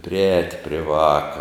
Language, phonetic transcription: Lithuanian, priˈēt' pri ˈvāka

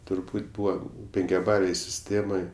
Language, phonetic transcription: Lithuanian, turˈbūt' ˈbūva penkiaˈbalėj siˈstėmoj

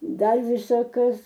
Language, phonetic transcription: Lithuanian, ˈdar ˈvisa ˈkas

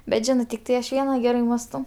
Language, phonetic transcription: Lithuanian, bet ˈžinɜ tikˈtai aš ˈviena ˈgerai ˈmastau

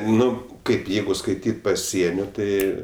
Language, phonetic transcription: Lithuanian, ˈnu ˈkaip ˈjeigu skaiˈtyt' paˈsienio ˈtai

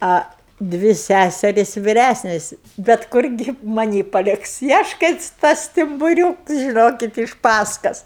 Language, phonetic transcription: Lithuanian, a ˈdvi ˈsæseris' viˈræsnes bet ˈkurgi maˈnį paˈliks i ˈaš kai ˈtas stimbuˈriūks žiˈnokit iš ˈpaskas

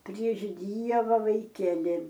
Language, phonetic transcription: Lithuanian, prieš ˈdieva vaiˈkeli

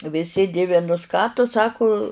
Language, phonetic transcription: Lithuanian, viˈsi ˈdivinus ˈką tu ˈsaku

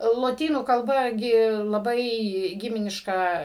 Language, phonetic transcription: Lithuanian, loˈtynų kalˈba ˈgi laˈbai ˈgiminiška

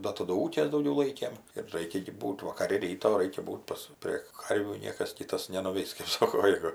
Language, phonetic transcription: Lithuanian, ˈda taˈdu ˈūkės dauˈgiau ˈlaikėm ir ˈraikia gi ˈbūt' vakaˈri ˈryto ˈraikia ˈbūt' pas ˈprė ˈkarvių ˈniekas ˈkytas nenuˈveis kɜp ˈsoko ˈjegu

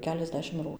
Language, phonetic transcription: Lithuanian, keliasˈdešimt ˈrū

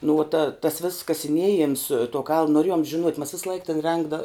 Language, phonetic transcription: Lithuanian, nu uo ta tas vėss kasiˈniejems tuo kaln noˈrėjom žiˈnuot' mas ˈvislaik ten ˈrengda

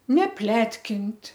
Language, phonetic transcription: Lithuanian, neˈpletkint'

